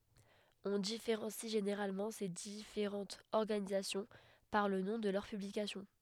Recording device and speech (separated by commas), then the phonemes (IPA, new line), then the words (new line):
headset microphone, read sentence
ɔ̃ difeʁɑ̃si ʒeneʁalmɑ̃ se difeʁɑ̃tz ɔʁɡanizasjɔ̃ paʁ lə nɔ̃ də lœʁ pyblikasjɔ̃
On différencie généralement ces différentes organisations par le nom de leurs publications.